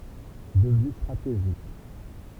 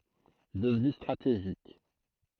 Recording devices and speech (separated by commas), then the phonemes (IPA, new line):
temple vibration pickup, throat microphone, read sentence
dəvny stʁateʒik